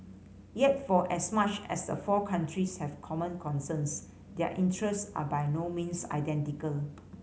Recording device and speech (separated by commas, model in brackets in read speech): mobile phone (Samsung C5010), read sentence